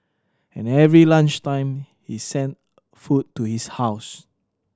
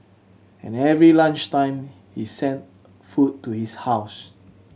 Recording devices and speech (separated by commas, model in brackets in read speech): standing microphone (AKG C214), mobile phone (Samsung C7100), read sentence